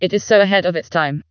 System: TTS, vocoder